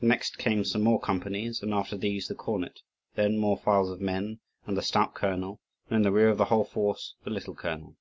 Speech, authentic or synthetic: authentic